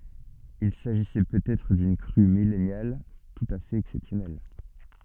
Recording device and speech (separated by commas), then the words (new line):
soft in-ear microphone, read sentence
Il s'agissait peut-être d'une crue millennale tout à fait exceptionnelle.